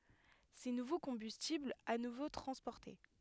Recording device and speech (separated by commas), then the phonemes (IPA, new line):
headset microphone, read sentence
se nuvo kɔ̃bystiblz a nuvo tʁɑ̃spɔʁte